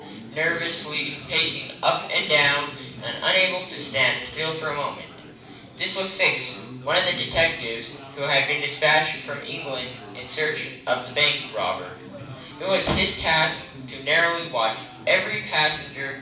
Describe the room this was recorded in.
A medium-sized room (about 5.7 m by 4.0 m).